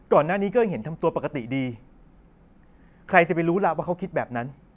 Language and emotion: Thai, frustrated